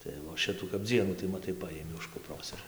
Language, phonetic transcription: Lithuanian, tai vo ˈšitų kap ˈdzienų tai maˈtai ˈpajimi už kupˈros ir

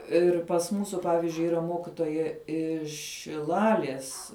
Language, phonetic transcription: Lithuanian, ir pas ˈmūsu ˈpavizdžiui ˈyra ˈmokitoja iš šiˈlalies

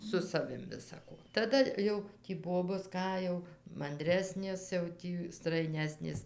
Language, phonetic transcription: Lithuanian, su saˈvim visaˈko taˈda jau tį ˈbobos ˈką jau manˈdresnės jau ˈtį straiˈnesnės

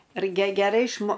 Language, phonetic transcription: Lithuanian, rai ge geˈrai išˈmo

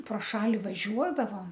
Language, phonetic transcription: Lithuanian, pro ˈšali vaˈžiuodavom

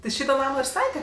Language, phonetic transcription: Lithuanian, ti ˈšyto ˈnamo ir ˈstate

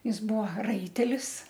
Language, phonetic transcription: Lithuanian, ˈjis ˈbuo ˈraitelis

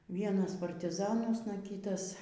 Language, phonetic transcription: Lithuanian, ˈvienas partiˈzanuosna ˈkytas

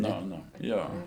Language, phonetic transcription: Lithuanian, ˈnu ˈnu ˈjo

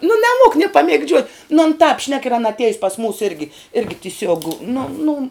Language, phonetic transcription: Lithuanian, nu neˈmuok nė pamėgˈdžiuot nu an tāp šnek ir ˈana atˈiejus pas mūs ˈirgi ˈirgi tiˈsiuog nu nu

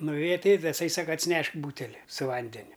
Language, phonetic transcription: Lithuanian, nuˈvėja tai i taˈsai ˈsaka atsiˈnešk ˈbūteli su ˈvandeniu

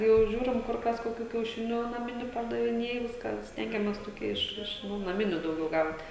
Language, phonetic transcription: Lithuanian, jau ˈžiūrim ˈkur ˈkas koˈkių kiauˈšinių naˈminių pardaviˈnėj ˈviską ˈstengiamės toˈkie ˈiš ˈiš nu naˈminiu dauˈgiau ˈgaut

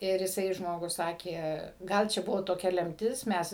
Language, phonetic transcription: Lithuanian, ˈir iˈsai ˈžmogus ˈsakė ˈgal čia ˈbuvo toˈkia ˈlemtis ˈmes

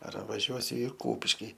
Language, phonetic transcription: Lithuanian, ar vaˈžiuosiu i ˈkūpiški

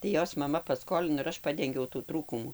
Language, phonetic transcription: Lithuanian, tai ˈjos maˈma paˈskolino ir ˈaš ˈpadengiau tų ˈtrūkumų

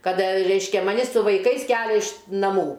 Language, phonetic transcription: Lithuanian, ˈkad ˈreiškia maˈni su vaiˈkais ˈkelia iš naˈmų

